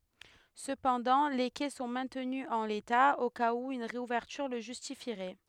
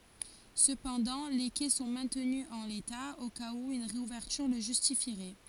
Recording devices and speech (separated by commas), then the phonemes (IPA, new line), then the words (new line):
headset microphone, forehead accelerometer, read sentence
səpɑ̃dɑ̃ le kɛ sɔ̃ mɛ̃tny ɑ̃ leta o kaz u yn ʁeuvɛʁtyʁ lə ʒystifiʁɛ
Cependant, les quais sont maintenus en l'état, au cas où une réouverture le justifierait.